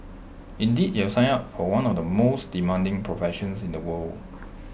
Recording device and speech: boundary microphone (BM630), read sentence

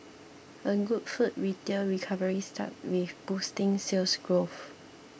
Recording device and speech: boundary microphone (BM630), read sentence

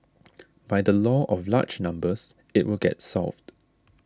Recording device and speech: standing microphone (AKG C214), read sentence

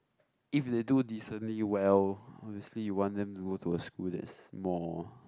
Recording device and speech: close-talking microphone, conversation in the same room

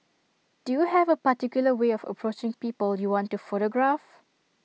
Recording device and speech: mobile phone (iPhone 6), read sentence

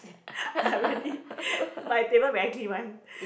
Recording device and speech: boundary microphone, conversation in the same room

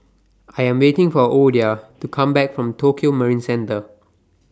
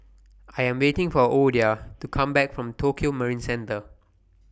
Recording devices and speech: standing microphone (AKG C214), boundary microphone (BM630), read sentence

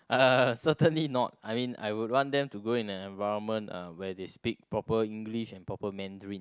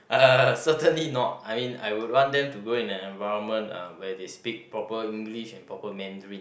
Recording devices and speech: close-talking microphone, boundary microphone, conversation in the same room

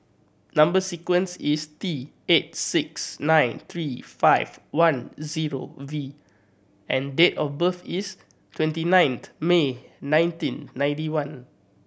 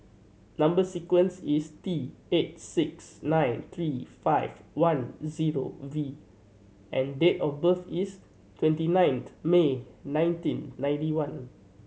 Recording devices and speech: boundary microphone (BM630), mobile phone (Samsung C7100), read sentence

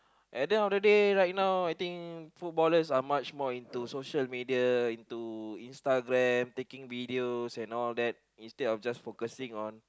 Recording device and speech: close-talking microphone, conversation in the same room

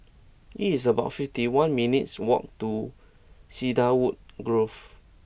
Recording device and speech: boundary microphone (BM630), read sentence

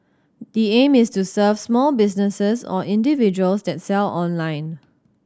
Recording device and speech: standing microphone (AKG C214), read sentence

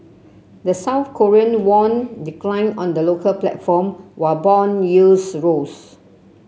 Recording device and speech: mobile phone (Samsung C7), read sentence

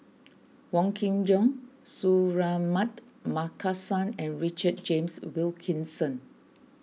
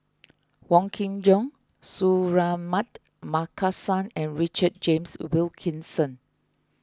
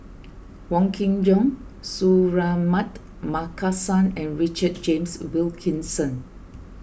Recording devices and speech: mobile phone (iPhone 6), close-talking microphone (WH20), boundary microphone (BM630), read sentence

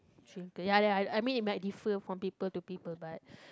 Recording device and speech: close-talking microphone, conversation in the same room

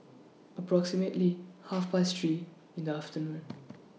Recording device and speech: mobile phone (iPhone 6), read sentence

